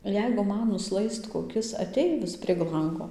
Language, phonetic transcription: Lithuanian, ˈjeigu ˈman nuˈslaist koˈkis aˈteivis prieg ˈlango

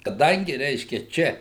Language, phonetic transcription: Lithuanian, kaˈdangi ˈreiškia ˈčia

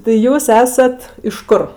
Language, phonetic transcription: Lithuanian, tai ˈjūs ˈesat iš ˈkur

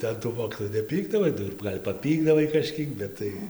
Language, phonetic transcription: Lithuanian, tai an tų ˈmokytojų neˈpykdavai ˈnu ir ˈgal' paˈpykdavai kaˈžkiek ˈbet tai

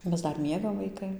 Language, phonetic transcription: Lithuanian, ˈmes ˈdar ˈmiegam vaiˈkai

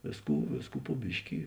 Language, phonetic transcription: Lithuanian, ˈvėsˌkų ˈvėsˌkų po ˈbiški

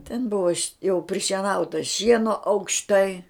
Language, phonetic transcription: Lithuanian, ten ˈbuvo jau prišieˈnauta ˈšieno aukšˈtai

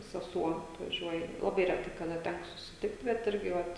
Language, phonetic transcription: Lithuanian, seˈsuo atvaˈžiuoja laˈbai reˈtai kaˈda ˈtæko susiˈtikt bet ˈirgi ˈvat

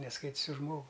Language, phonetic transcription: Lithuanian, nesˈkait's už ˈžmogu

